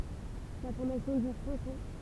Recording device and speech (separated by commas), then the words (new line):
temple vibration pickup, read sentence
La formation dure cinq ans.